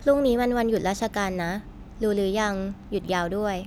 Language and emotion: Thai, neutral